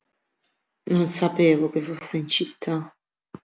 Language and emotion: Italian, sad